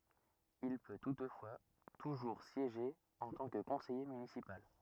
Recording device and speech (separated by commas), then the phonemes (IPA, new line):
rigid in-ear microphone, read sentence
il pø tutfwa tuʒuʁ sjeʒe ɑ̃ tɑ̃ kə kɔ̃sɛje mynisipal